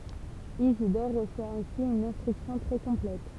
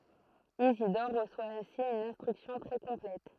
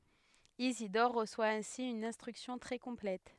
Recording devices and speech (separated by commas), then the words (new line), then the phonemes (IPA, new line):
temple vibration pickup, throat microphone, headset microphone, read sentence
Isidore reçoit ainsi une instruction très complète.
izidɔʁ ʁəswa ɛ̃si yn ɛ̃stʁyksjɔ̃ tʁɛ kɔ̃plɛt